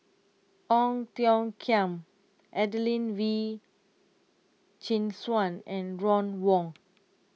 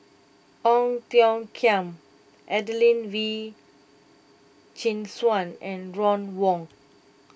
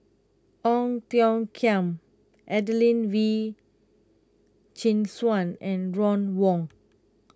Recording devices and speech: mobile phone (iPhone 6), boundary microphone (BM630), close-talking microphone (WH20), read sentence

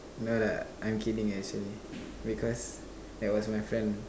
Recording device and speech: standing microphone, conversation in separate rooms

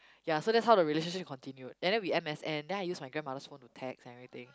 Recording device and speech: close-talking microphone, conversation in the same room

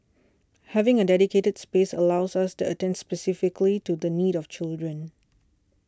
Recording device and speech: standing microphone (AKG C214), read sentence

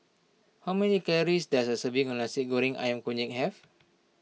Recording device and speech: mobile phone (iPhone 6), read sentence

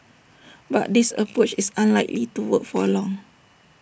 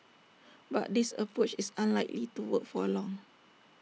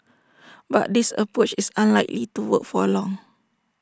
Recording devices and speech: boundary microphone (BM630), mobile phone (iPhone 6), standing microphone (AKG C214), read sentence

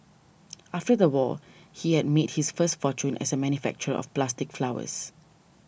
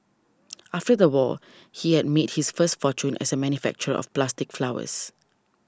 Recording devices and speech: boundary microphone (BM630), standing microphone (AKG C214), read sentence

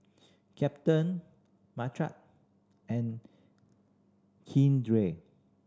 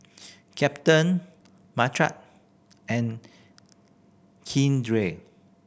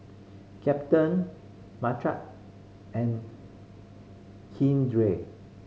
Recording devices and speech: standing microphone (AKG C214), boundary microphone (BM630), mobile phone (Samsung C5010), read sentence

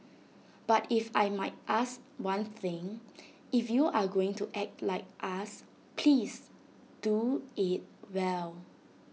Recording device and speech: mobile phone (iPhone 6), read sentence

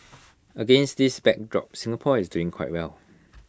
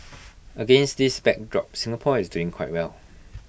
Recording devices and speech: close-talking microphone (WH20), boundary microphone (BM630), read sentence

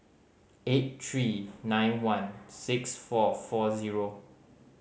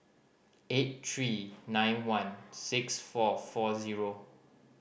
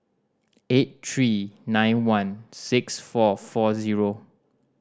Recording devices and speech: mobile phone (Samsung C5010), boundary microphone (BM630), standing microphone (AKG C214), read sentence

